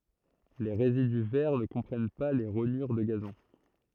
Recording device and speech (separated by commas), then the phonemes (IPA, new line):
throat microphone, read sentence
le ʁezidy vɛʁ nə kɔ̃pʁɛn pa le ʁoɲyʁ də ɡazɔ̃